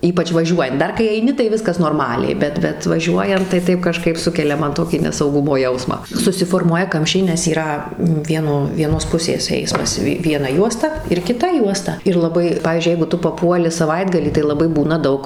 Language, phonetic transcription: Lithuanian, ˈypač' vaˈžiuojant ˈdar kai aiˈni tai ˈviskas norˈmaliai ˈbet ˈbet vaˈžiuojant tai ˈtaip kaˈžkaip ˈsukelia ˈman ˈtokį nesauˈgumo ˈjausmą susiforˈmuoja ˈkamščiai nes yˈra ˈvieno vieˈnos ˈpusės ˈeismas ˈvi vieˈna ˈjuosta ir kiˈta ˈjuosta ir laˈbai ˈpavyzdžiui ˈjeigu ˈtu paˈpuoli saˈvaitgalį tai laˈbai ˈbūna ˈdaug

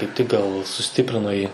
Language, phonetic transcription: Lithuanian, kaip tik gal suˈstiprino ˈjį

